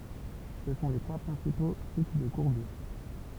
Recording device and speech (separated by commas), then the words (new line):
temple vibration pickup, read sentence
Ce sont les trois principaux types de courbures.